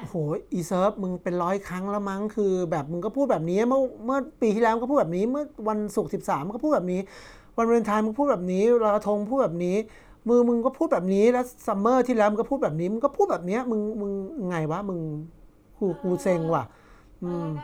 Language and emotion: Thai, frustrated